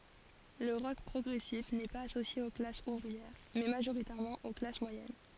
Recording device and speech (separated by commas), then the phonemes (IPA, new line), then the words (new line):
forehead accelerometer, read sentence
lə ʁɔk pʁɔɡʁɛsif nɛ paz asosje o klasz uvʁiɛʁ mɛ maʒoʁitɛʁmɑ̃ o klas mwajɛn
Le rock progressif n'est pas associé aux classes ouvrières, mais majoritairement aux classes moyennes.